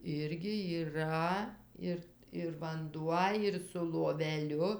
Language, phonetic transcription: Lithuanian, ˈirgi yˈra ˈir ir vanˈduo ir su loveˈliu

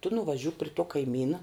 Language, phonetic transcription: Lithuanian, tu nuvaˈžiuk pri tuo kaiˈmyna

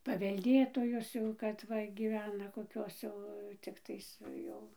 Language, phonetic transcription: Lithuanian, pavelˈdėtojos ˈjau kad ˈva gyˈvena koˈkios jau cikˈtais ˈjau

